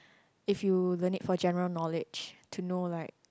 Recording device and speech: close-talking microphone, conversation in the same room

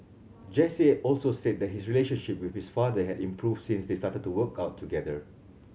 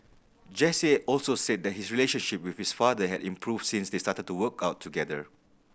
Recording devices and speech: mobile phone (Samsung C7100), boundary microphone (BM630), read sentence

